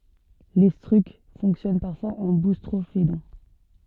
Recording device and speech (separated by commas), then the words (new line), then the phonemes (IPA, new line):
soft in-ear microphone, read sentence
L'étrusque fonctionne parfois en boustrophédon.
letʁysk fɔ̃ksjɔn paʁfwaz ɑ̃ bustʁofedɔ̃